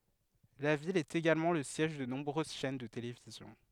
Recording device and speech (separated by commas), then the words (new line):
headset microphone, read sentence
La ville est également le siège de nombreuses chaines de télévision.